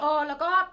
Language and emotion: Thai, neutral